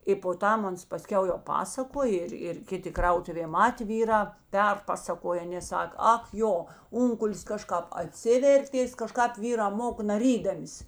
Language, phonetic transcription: Lithuanian, i po ˈtam ˈans paˈskiau jau ˈpasakoj ˈir ir ˈkiˌti ˈkrautuvė ˈmatė ˈvyrā ˈperpasakoja ˈanė ˈsak ˈak ˈjo ˈunkulis ˈkaˌžkāp aˈtsivertės kaˈžkāp ˈvyrā ˈmoka naˈrydamis

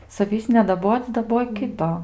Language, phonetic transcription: Lithuanian, saˈvįs nedaˈboc' daˈboj ˈkito

